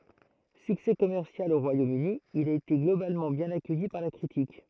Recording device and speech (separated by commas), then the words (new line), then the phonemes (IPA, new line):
throat microphone, read sentence
Succès commercial au Royaume-Uni, il a été globalement bien accueilli par la critique.
syksɛ kɔmɛʁsjal o ʁwajomøni il a ete ɡlobalmɑ̃ bjɛ̃n akœji paʁ la kʁitik